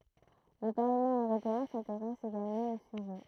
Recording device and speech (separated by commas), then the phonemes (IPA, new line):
throat microphone, read sentence
lə paʁləmɑ̃ øʁopeɛ̃ sɛ̃teʁɛs eɡalmɑ̃ o syʒɛ